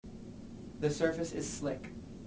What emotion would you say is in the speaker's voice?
neutral